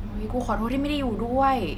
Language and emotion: Thai, sad